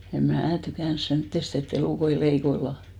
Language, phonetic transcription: Finnish, em "mää 'tykä̀ns 'semttest ‿e't ‿elùkoi 'leikoillà .
- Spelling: en minä tykännyt semmoisesta että elukoita leikkaillaan

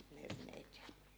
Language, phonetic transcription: Finnish, 'herneit ja ,.
- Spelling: herneitä ja

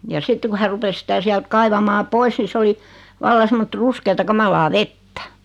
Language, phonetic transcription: Finnish, ja 'sitte ku hä 'rupes sⁱtä 'siält 'kaivamaa "pois ni 'se oli , 'valla semmot "ruskeeta 'kamalaa "vettᴀ̈ .
- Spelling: ja sitten kun hän rupesi sitä sieltä kaivamaan pois niin se oli vallan semmoista ruskeaa kamalaa vettä

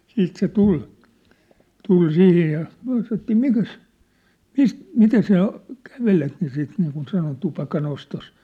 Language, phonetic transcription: Finnish, 'siit se "tul , tul "sihij ja , myä̭ sanottii » mikäs , "mi- , 'mitä sä̳ä̳ , "kävelet « ja siit niikun 'sanon 'tupaka'nostos , sano se .
- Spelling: sitten se tuli tuli siihen ja me sanottiin mikäs - mitä sinä kävelet ja siitä niin kuin sanon tupakanostossa sanoi se

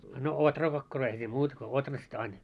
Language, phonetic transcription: Finnish, no 'otrakakkaroi eihä siim muut ko 'otras't ‿ain .
- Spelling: no ohrakakkaroita eihän siinä muuta kuin ohrasta aina

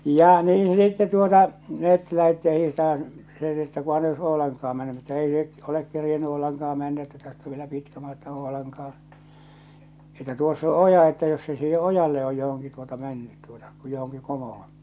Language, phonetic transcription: Finnish, 'ja , 'niin̬ sitte tuota , 'met , 'lähetti ja 'hihtamaan̬ , se (sitte) että » 'kuhan ei ois 'Oolaŋka₍am mɛnny « minä että » 'ei se' , olek 'kerjenny 'Oolaŋkah̬a mɛnnä että täst ‿ov vielä 'pitkä 'matka 'Oolaŋkah̬aa̰ , että tuoss ‿o "oja että jos se siihe "ojalle oj johoŋki tuota 'mä̳nnyt tuota , ku johoŋki 'komohon « .
- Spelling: ja niin sitten tuota me lähdettiin ja hiihtämään se sitten että kunhan ei olisi Oulankaan mennyt minä että ei se ole kerinnyt Oulankaan mennä että tästä on vielä pitkä matka Oulankaan että tuossa on oja että jos se siihen ojalle on johonkin tuota mennyt tuota kun johonkin komoon

